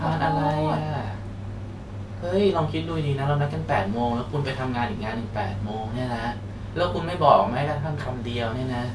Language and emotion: Thai, frustrated